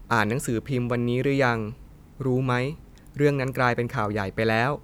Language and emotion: Thai, neutral